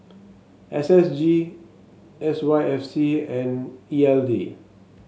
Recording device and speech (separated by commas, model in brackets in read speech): mobile phone (Samsung S8), read sentence